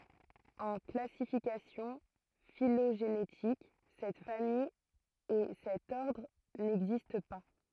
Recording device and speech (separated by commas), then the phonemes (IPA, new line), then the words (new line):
throat microphone, read sentence
ɑ̃ klasifikasjɔ̃ filoʒenetik sɛt famij e sɛt ɔʁdʁ nɛɡzist pa
En classification phylogénétique, cette famille et cet ordre n'existent pas.